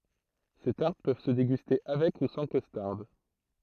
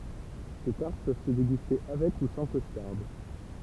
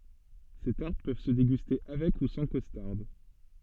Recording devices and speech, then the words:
throat microphone, temple vibration pickup, soft in-ear microphone, read sentence
Ces tartes peuvent se déguster avec ou sans costarde.

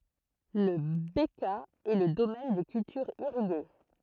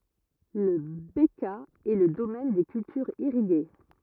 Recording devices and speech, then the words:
throat microphone, rigid in-ear microphone, read sentence
La Bekaa est le domaine des cultures irriguées.

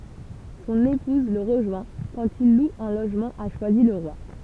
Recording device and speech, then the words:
temple vibration pickup, read sentence
Son épouse le rejoint quand il loue un logement à Choisy-le-Roi.

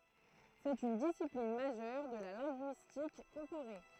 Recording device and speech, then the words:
throat microphone, read sentence
C'est une discipline majeure de la linguistique comparée.

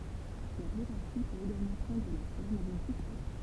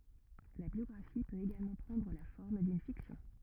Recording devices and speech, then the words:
temple vibration pickup, rigid in-ear microphone, read sentence
La biographie peut également prendre la forme d'une fiction.

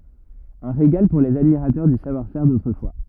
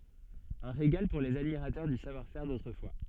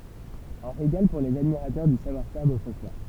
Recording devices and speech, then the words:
rigid in-ear microphone, soft in-ear microphone, temple vibration pickup, read sentence
Un régal pour les admirateurs du savoir-faire d'autrefois.

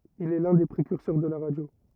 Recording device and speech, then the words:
rigid in-ear microphone, read sentence
Il est l'un des précurseurs de la radio.

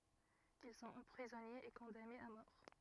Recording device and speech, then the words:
rigid in-ear microphone, read sentence
Ils sont emprisonnés et condamnés à mort.

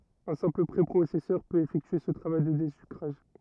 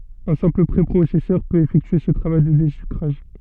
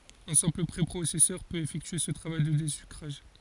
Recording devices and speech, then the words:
rigid in-ear microphone, soft in-ear microphone, forehead accelerometer, read sentence
Un simple préprocesseur peut effectuer ce travail de désucrage.

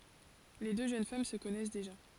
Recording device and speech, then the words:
forehead accelerometer, read sentence
Les deux jeunes femmes se connaissent déjà.

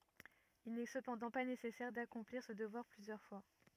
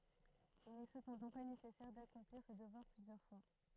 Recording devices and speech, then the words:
rigid in-ear microphone, throat microphone, read sentence
Il n'est cependant pas nécessaire d'accomplir ce devoir plusieurs fois.

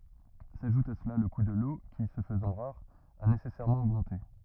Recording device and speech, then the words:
rigid in-ear microphone, read sentence
S’ajoute à cela le coût de l’eau qui, se faisant rare, a nécessairement augmenté.

